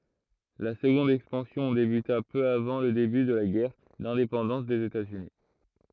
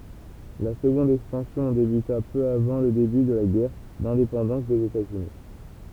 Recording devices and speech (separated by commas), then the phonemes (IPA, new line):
throat microphone, temple vibration pickup, read sentence
la səɡɔ̃d ɛkspɑ̃sjɔ̃ debyta pø avɑ̃ lə deby də la ɡɛʁ dɛ̃depɑ̃dɑ̃s dez etaz yni